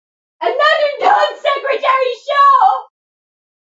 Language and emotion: English, sad